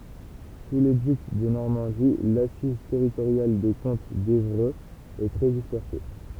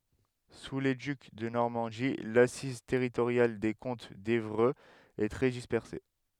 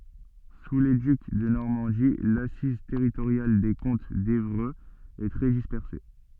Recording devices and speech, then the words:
temple vibration pickup, headset microphone, soft in-ear microphone, read sentence
Sous les ducs de Normandie, l'assise territoriale des comtes d’Évreux est très dispersée.

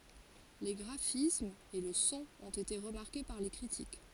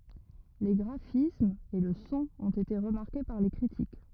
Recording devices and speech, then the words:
forehead accelerometer, rigid in-ear microphone, read sentence
Les graphismes et le son ont été remarqués par les critiques.

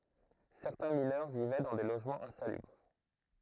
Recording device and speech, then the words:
throat microphone, read sentence
Certains mineurs vivaient dans des logements insalubres.

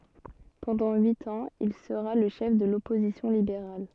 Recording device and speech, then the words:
soft in-ear microphone, read sentence
Pendant huit ans, il sera le chef de l'opposition libérale.

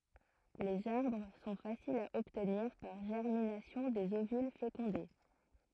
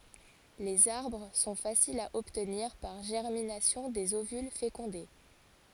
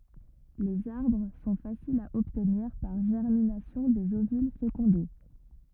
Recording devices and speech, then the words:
throat microphone, forehead accelerometer, rigid in-ear microphone, read sentence
Les arbres sont faciles à obtenir par germination des ovules fécondés.

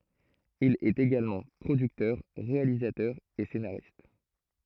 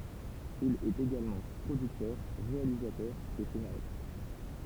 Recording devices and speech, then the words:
throat microphone, temple vibration pickup, read sentence
Il est également producteur, réalisateur et scénariste.

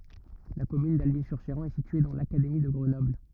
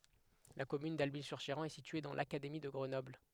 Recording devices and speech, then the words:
rigid in-ear microphone, headset microphone, read sentence
La commune d'Alby-sur-Chéran est située dans l'académie de Grenoble.

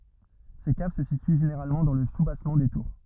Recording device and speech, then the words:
rigid in-ear microphone, read sentence
Ces caves se situent généralement dans le soubassement des tours.

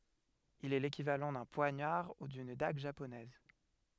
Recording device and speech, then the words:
headset microphone, read sentence
Il est l'équivalent d'un poignard ou d'une dague japonaise.

